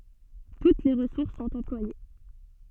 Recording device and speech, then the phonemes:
soft in-ear microphone, read sentence
tut le ʁəsuʁs sɔ̃t ɑ̃plwaje

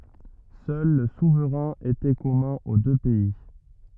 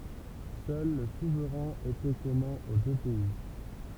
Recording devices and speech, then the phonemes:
rigid in-ear microphone, temple vibration pickup, read sentence
sœl lə suvʁɛ̃ etɛ kɔmœ̃ o dø pɛi

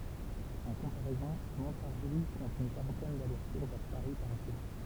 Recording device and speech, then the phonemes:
temple vibration pickup, read sentence
ɑ̃ kɔ̃paʁɛzɔ̃ mɔ̃taʁʒi kɔ̃t yn kaʁɑ̃tɛn dalɛʁsʁtuʁ vɛʁ paʁi paʁ ʒuʁ

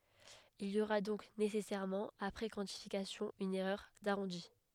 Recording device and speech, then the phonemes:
headset microphone, read sentence
il i oʁa dɔ̃k nesɛsɛʁmɑ̃ apʁɛ kwɑ̃tifikasjɔ̃ yn ɛʁœʁ daʁɔ̃di

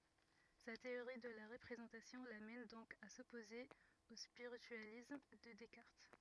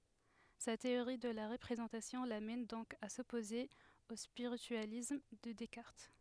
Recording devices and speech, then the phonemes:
rigid in-ear microphone, headset microphone, read sentence
sa teoʁi də la ʁəpʁezɑ̃tasjɔ̃ lamɛn dɔ̃k a sɔpoze o spiʁityalism də dɛskaʁt

